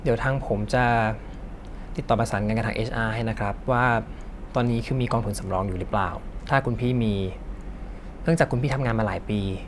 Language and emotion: Thai, neutral